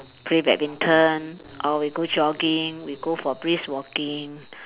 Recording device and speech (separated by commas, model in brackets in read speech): telephone, conversation in separate rooms